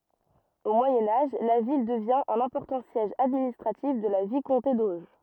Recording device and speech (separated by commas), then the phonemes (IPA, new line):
rigid in-ear microphone, read sentence
o mwajɛ̃ aʒ la vil dəvjɛ̃ œ̃n ɛ̃pɔʁtɑ̃ sjɛʒ administʁatif də la vikɔ̃te doʒ